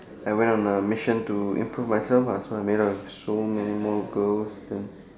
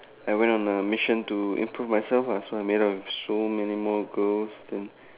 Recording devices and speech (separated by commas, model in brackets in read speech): standing microphone, telephone, conversation in separate rooms